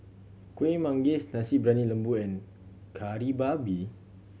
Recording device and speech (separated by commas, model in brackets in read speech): mobile phone (Samsung C7100), read sentence